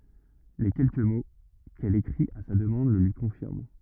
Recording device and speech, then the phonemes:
rigid in-ear microphone, read sentence
le kɛlkə mo kɛl ekʁit a sa dəmɑ̃d lə lyi kɔ̃fiʁm

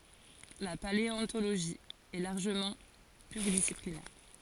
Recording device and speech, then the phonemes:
forehead accelerometer, read sentence
la paleɔ̃toloʒi ɛ laʁʒəmɑ̃ plyʁidisiplinɛʁ

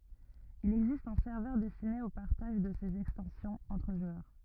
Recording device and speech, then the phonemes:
rigid in-ear microphone, read sentence
il ɛɡzist œ̃ sɛʁvœʁ dɛstine o paʁtaʒ də sez ɛkstɑ̃sjɔ̃z ɑ̃tʁ ʒwœʁ

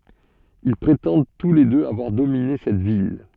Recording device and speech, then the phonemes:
soft in-ear microphone, read sentence
il pʁetɑ̃d tu le døz avwaʁ domine sɛt vil

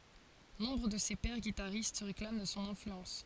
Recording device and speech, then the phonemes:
forehead accelerometer, read sentence
nɔ̃bʁ də se pɛʁ ɡitaʁist sə ʁeklam də sɔ̃ ɛ̃flyɑ̃s

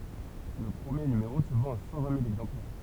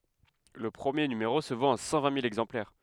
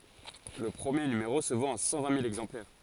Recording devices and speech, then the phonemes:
temple vibration pickup, headset microphone, forehead accelerometer, read sentence
lə pʁəmje nymeʁo sə vɑ̃t a sɑ̃ vɛ̃ mil ɛɡzɑ̃plɛʁ

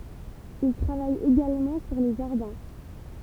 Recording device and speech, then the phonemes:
temple vibration pickup, read sentence
il tʁavaj eɡalmɑ̃ syʁ le ʒaʁdɛ̃

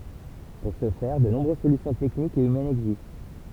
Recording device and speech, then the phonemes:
temple vibration pickup, read sentence
puʁ sə fɛʁ də nɔ̃bʁøz solysjɔ̃ tɛknikz e ymɛnz ɛɡzist

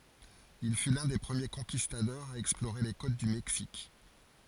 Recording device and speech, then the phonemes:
forehead accelerometer, read sentence
il fy lœ̃ de pʁəmje kɔ̃kistadɔʁz a ɛksploʁe le kot dy mɛksik

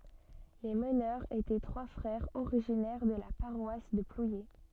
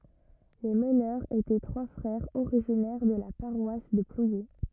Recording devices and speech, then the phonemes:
soft in-ear microphone, rigid in-ear microphone, read sentence
le mənœʁz etɛ tʁwa fʁɛʁz oʁiʒinɛʁ də la paʁwas də plwje

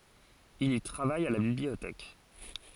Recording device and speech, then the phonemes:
forehead accelerometer, read sentence
il i tʁavaj a la bibliotɛk

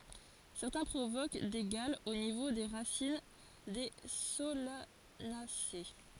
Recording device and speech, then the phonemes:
forehead accelerometer, read sentence
sɛʁtɛ̃ pʁovok de ɡalz o nivo de ʁasin de solanase

